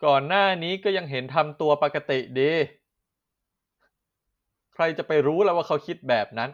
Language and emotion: Thai, sad